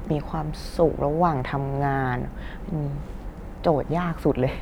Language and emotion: Thai, frustrated